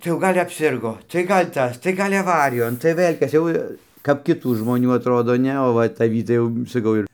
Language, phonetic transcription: Lithuanian, tai jau ˈgal' apˈsirgo tai ˈgal' ˈtas tai ˈgal' aˈvarijon tai ˈvɘl' ˈkas jau kap kiˈtų žmoˈnių atˈrodo ˈne o ˈva taˈvį tai jau saˈkau ir

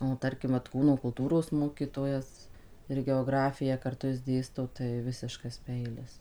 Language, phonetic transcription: Lithuanian, o ˈtarkim vat ˈkūno kulˈtūros ˈmokytojas ir geoˈgrafiją karˈtu jis ˈdėsto tai ˈvisiškas ˈpeilis

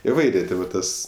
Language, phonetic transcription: Lithuanian, iˈvairė ˈti va ˈtas

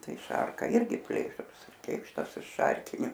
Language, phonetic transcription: Lithuanian, ˈtai ˈšarka ˈirgi ˈplėšrus ˈkėkštas iš ˈšarkiniu

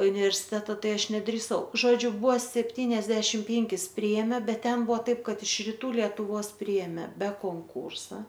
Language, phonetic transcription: Lithuanian, universiˈteta ˈtai ˈaš nedrįˈsau ˈžodžiu ˈbuvo sepˈtyniasdešim ˈpėnkis ˈpriėmė ˈbet ˈten ˈbuvo ˈtaip ˈkad iš riˈtų lietuˈvos ˈpriemė be konˈkūrsa

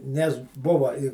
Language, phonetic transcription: Lithuanian, nes ˈbuva i

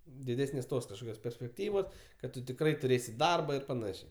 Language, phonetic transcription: Lithuanian, diˈdesnės ˈtos kažˈkokios perspekˈtyvos kad ˈtu tikˈrai tuˈrėsi ˈdarba ir paˈnašė

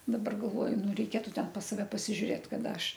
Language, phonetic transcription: Lithuanian, daˈbar galˈvoju ˈnu reiˈkėtu ˈten pas saˈve pasižiuˈrėt kaˈda ˈaš

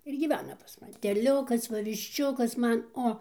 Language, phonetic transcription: Lithuanian, ir gyˈvena pas maˈni teˈliukas ˈva višˈčiukas ˈman ˈo

